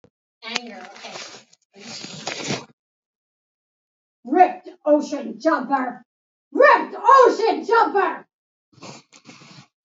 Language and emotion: English, angry